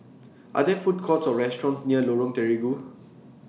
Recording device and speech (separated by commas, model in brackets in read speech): mobile phone (iPhone 6), read sentence